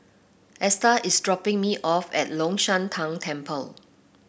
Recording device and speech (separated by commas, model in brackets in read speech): boundary microphone (BM630), read sentence